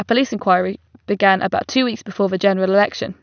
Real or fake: real